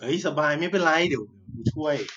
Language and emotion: Thai, happy